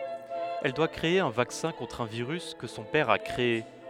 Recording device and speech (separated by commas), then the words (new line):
headset microphone, read sentence
Elle doit créer un vaccin contre un virus que son père a créé.